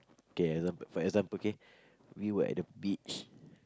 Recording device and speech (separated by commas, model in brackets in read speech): close-talking microphone, conversation in the same room